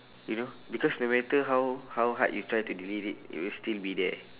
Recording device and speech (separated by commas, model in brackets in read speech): telephone, conversation in separate rooms